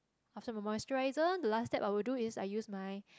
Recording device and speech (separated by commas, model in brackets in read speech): close-talking microphone, conversation in the same room